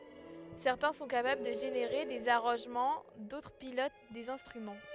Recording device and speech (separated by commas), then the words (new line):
headset microphone, read sentence
Certains sont capables de générer des arrangements, d'autres pilotent des instruments.